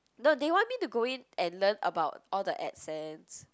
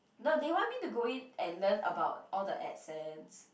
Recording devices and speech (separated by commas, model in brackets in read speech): close-talking microphone, boundary microphone, conversation in the same room